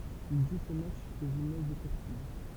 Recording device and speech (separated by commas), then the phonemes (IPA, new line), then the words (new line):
temple vibration pickup, read sentence
il ʒu se matʃz o ʒimnaz de kuʁtij
Il joue ses matchs au gymnase des Courtilles.